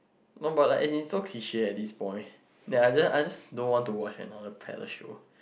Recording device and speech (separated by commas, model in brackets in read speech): boundary microphone, conversation in the same room